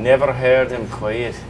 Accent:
scottish accent